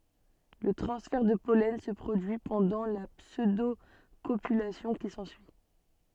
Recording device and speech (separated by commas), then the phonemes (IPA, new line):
soft in-ear microphone, read sentence
lə tʁɑ̃sfɛʁ də pɔlɛn sə pʁodyi pɑ̃dɑ̃ la psødokopylasjɔ̃ ki sɑ̃syi